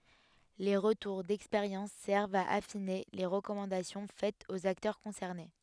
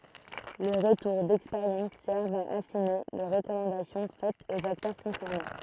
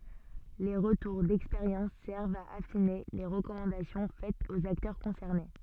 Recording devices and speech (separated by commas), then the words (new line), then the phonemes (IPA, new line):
headset microphone, throat microphone, soft in-ear microphone, read sentence
Les retours d'expérience servent à affiner les recommandations faites aux acteurs concernés.
le ʁətuʁ dɛkspeʁjɑ̃s sɛʁvt a afine le ʁəkɔmɑ̃dasjɔ̃ fɛtz oz aktœʁ kɔ̃sɛʁne